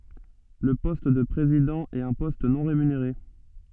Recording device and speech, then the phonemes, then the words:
soft in-ear microphone, read sentence
lə pɔst də pʁezidɑ̃ ɛt œ̃ pɔst nɔ̃ ʁemyneʁe
Le poste de président est un poste non rémunéré.

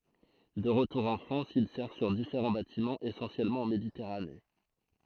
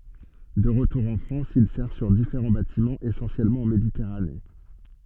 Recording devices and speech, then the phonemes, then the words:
throat microphone, soft in-ear microphone, read sentence
də ʁətuʁ ɑ̃ fʁɑ̃s il sɛʁ syʁ difeʁɑ̃ batimɑ̃z esɑ̃sjɛlmɑ̃ ɑ̃ meditɛʁane
De retour en France, il sert sur différents bâtiments essentiellement en Méditerranée.

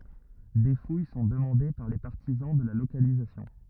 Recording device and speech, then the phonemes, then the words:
rigid in-ear microphone, read sentence
de fuj sɔ̃ dəmɑ̃de paʁ le paʁtizɑ̃ də la lokalizasjɔ̃
Des fouilles sont demandées par les partisans de la localisation.

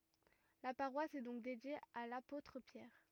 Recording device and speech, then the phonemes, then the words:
rigid in-ear microphone, read sentence
la paʁwas ɛ dɔ̃k dedje a lapotʁ pjɛʁ
La paroisse est donc dédiée à l'apôtre Pierre.

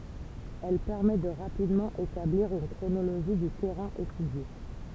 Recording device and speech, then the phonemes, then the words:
temple vibration pickup, read sentence
ɛl pɛʁmɛ də ʁapidmɑ̃ etabliʁ yn kʁonoloʒi dy tɛʁɛ̃ etydje
Elle permet de rapidement établir une chronologie du terrain étudié.

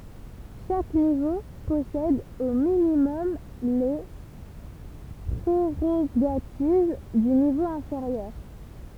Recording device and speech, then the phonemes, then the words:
temple vibration pickup, read sentence
ʃak nivo pɔsɛd o minimɔm le pʁeʁoɡativ dy nivo ɛ̃feʁjœʁ
Chaque niveau possède au minimum les prérogatives du niveau inférieur.

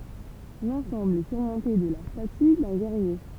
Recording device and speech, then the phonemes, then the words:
temple vibration pickup, read sentence
lɑ̃sɑ̃bl ɛ syʁmɔ̃te də la staty dœ̃ ɡɛʁje
L'ensemble est surmonté de la statue d'un guerrier.

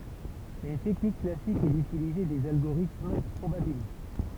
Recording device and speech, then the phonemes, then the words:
temple vibration pickup, read sentence
yn tɛknik klasik ɛ dytilize dez alɡoʁitm pʁobabilist
Une technique classique est d'utiliser des algorithmes probabilistes.

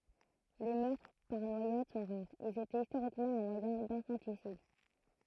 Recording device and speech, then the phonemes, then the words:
throat microphone, read sentence
le mœʁtʁ paʁ nwajad sɔ̃ ʁaʁz ilz etɛt istoʁikmɑ̃ œ̃ mwajɛ̃ dɛ̃fɑ̃tisid
Les meurtres par noyade sont rares, ils étaient historiquement un moyen d'infanticide.

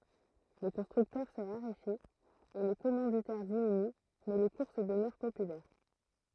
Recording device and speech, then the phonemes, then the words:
throat microphone, read sentence
le kɔ̃stʁyktœʁ sə ʁaʁefit e le kɔmɑ̃ditɛʁ diminy mɛ le kuʁs dəmœʁ popylɛʁ
Les constructeurs se raréfient et les commanditaires diminuent mais les courses demeurent populaires.

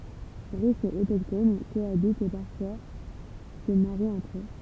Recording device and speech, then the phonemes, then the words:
temple vibration pickup, read sentence
ʁysz e otokton koabitt e paʁfwa sə maʁit ɑ̃tʁ ø
Russes et autochtones cohabitent et parfois se marient entre eux.

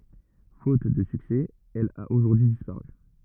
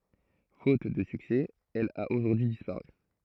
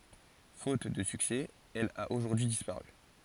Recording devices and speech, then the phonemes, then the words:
rigid in-ear microphone, throat microphone, forehead accelerometer, read sentence
fot də syksɛ ɛl a oʒuʁdyi dispaʁy
Faute de succès, elle a aujourd'hui disparu.

